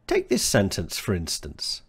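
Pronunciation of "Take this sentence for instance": In 'for instance', 'for' is said in its weak form, 'fra', which is used before a word beginning with a vowel.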